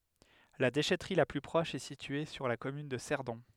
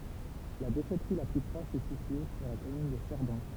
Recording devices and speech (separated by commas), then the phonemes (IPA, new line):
headset microphone, temple vibration pickup, read sentence
la deʃɛtʁi la ply pʁɔʃ ɛ sitye syʁ la kɔmyn də sɛʁdɔ̃